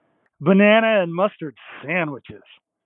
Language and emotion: English, disgusted